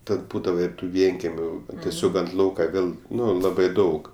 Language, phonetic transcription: Lithuanian, ˈtad ˈbūdava ir ˈtų ˈvienkemiu tieˈsiog ant ˈlauka ˈvėl ˈnu ˈlabai ˈdaug

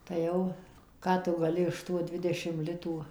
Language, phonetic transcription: Lithuanian, tai ˈjau ˈką tu gaˈli iš ˈtų ˈdvidešim ˈlitų

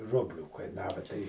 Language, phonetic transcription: Lithuanian, ˈrublių kaiˈnava tai

